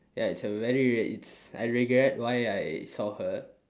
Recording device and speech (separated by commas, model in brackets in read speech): standing microphone, conversation in separate rooms